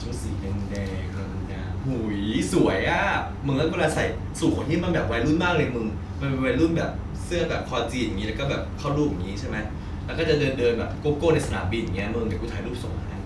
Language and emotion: Thai, happy